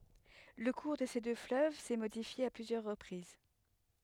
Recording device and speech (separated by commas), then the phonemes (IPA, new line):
headset microphone, read sentence
lə kuʁ də se dø fløv sɛ modifje a plyzjœʁ ʁəpʁiz